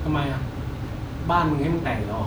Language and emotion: Thai, frustrated